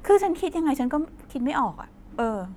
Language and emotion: Thai, frustrated